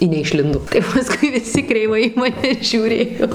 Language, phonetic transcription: Lithuanian, i neišˈlindo tai paˈskui viˈsi kreiˈvai į maˈne žiūˈrėjo

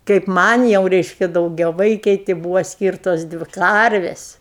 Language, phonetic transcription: Lithuanian, kaip ˈman' jau ˈreiškia daugiaˈvaikei ti ˈbūvo ˈskyrtos ˈdvi ˈkarvės'

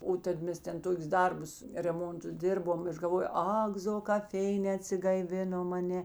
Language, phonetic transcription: Lithuanian, ˈo tad ˈmes ˈten ˈtokius ˈdarbus reˈmontus ˈdėrbom ˈaš galˈvojo ˈak zo kap ˈfeinē atsigaiˈvinom a ˈne

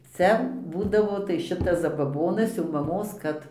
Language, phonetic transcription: Lithuanian, ˈcia ˈbūdavo tai ˈšitas zabaˈbonas jau maˈmos ˈkad

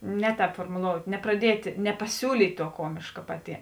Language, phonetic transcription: Lithuanian, ˈne ˌtēp formuˈlout' nepraˈdiet' nepaˈsiūlyt' ˈtuo ˈkuomėška paˈti

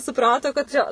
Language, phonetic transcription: Lithuanian, suˈprato kad ˈčia

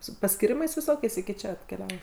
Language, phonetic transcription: Lithuanian, su paskyˈrimais viˈsokiais iki ˈčia atkeˈliavo

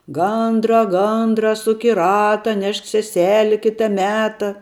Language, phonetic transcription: Lithuanian, ˈgandra ˈgandra ˈsuk i ˈrata ˈnešk seˈseli ˈkita ˈmeta

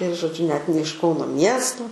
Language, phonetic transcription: Lithuanian, ir žoˈdžiu net ne iš ˈkauno ˈmiesto

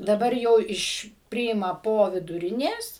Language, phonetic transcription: Lithuanian, daˈbar jau ˈiš ˈpriima ˈpo viduˈrinės

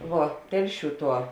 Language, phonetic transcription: Lithuanian, ˈvuo ˈtelˌšių ˈtuo

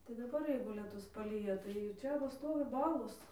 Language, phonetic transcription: Lithuanian, tai daˈbar ˈjeigu lieˈtus paˈlyja tai ir ˈčia va ˈstovi ˈbalos

